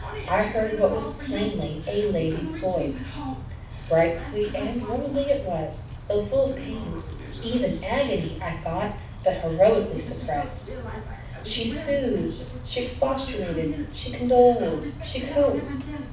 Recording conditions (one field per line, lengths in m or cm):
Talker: one person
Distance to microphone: 5.8 m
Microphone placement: far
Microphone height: 1.8 m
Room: medium-sized (5.7 m by 4.0 m)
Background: television